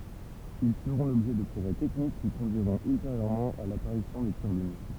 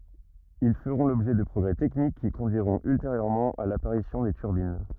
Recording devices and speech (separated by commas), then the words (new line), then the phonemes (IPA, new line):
temple vibration pickup, rigid in-ear microphone, read sentence
Ils feront l'objet de progrès techniques qui conduiront ultérieurement à l'apparition des turbines.
il fəʁɔ̃ lɔbʒɛ də pʁɔɡʁɛ tɛknik ki kɔ̃dyiʁɔ̃t ylteʁjøʁmɑ̃ a lapaʁisjɔ̃ de tyʁbin